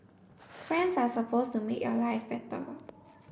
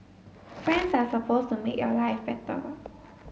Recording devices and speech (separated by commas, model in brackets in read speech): boundary microphone (BM630), mobile phone (Samsung S8), read sentence